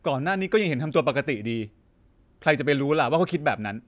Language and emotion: Thai, frustrated